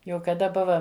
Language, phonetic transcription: Lithuanian, ˈjau kaˈda ˈbuva

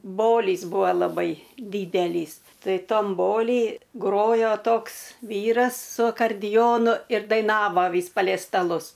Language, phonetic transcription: Lithuanian, ˈbolys ˈbuo laˈbai ˈdydelys ˈtai ˈtam ˈboly ˈgrojo ˈtoks ˈvyras su akardiˈjonu ir daiˈnava ˈvys palei staˈlus

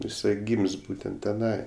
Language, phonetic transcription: Lithuanian, jiˈsai ˈgym's' ˈbūtent teˈnai

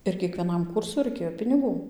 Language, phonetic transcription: Lithuanian, ir kiekvieˈnam ˈkūrsu raiˈkėjo piniˈgų

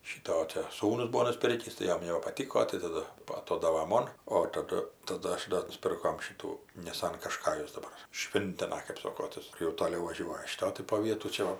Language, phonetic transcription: Lithuanian, šyˈto o ˈte ˈsūnus ˈbuo nuˈspirkįs tai ˈjom jau nebapaˈtiko tai taˈdu aˈtodava ˈmon o taˈdu taˈdu ˈaš do nuˈspirkom ˈšitų niˈsan kašˈkajus daˈbar ˈšvintina kɜp ˈsoko ˈtas jau toˈliau vaˈžiuoja šiˈto tai po ˈvietų ˈčia va

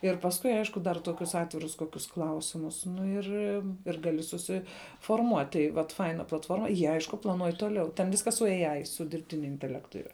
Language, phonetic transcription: Lithuanian, ir pasˈkui ˈaišku dar ˈtokius ˈatvirus ˈkokius ˈklausimus nu ˈir ir ˈgali susiforˈmuot' tai vat ˈfaina platˈforma ˈjie ˈaišku plaˈnuoj ˈtoˌliau ten ˈviskas su ei ai su dirbˈtiniu inteˈlektu ˈira

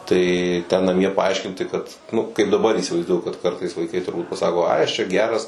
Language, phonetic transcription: Lithuanian, ˈtai ten naˈmie paˈaiškinti kad nu kaip daˈbar įsivaizˈduoju kad ˈkartais vaiˈkai turˈbūt paˈsako ˈai ˈaš čia ˈgeras

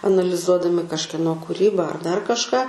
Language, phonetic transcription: Lithuanian, analiˈzuodami kažkieˈno kuˈryba ar dar kažˈką

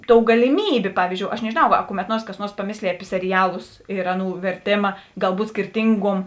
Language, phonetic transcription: Lithuanian, ˈtou galiˈmybė ˈpavyzdžiou aš nežėˈnau a kumet ˈnuors kas ˈnuors paˈmėslėj api seriˈjalus ir ˈaˌnų verˈtėma galˈbūt skirˈtinguom

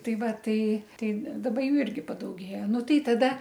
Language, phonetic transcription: Lithuanian, ˈtai ˈva ˈtai ˈtai daˈba ˈjų ˈirgi padauˈgėja ˈnu ˈtai taˈda

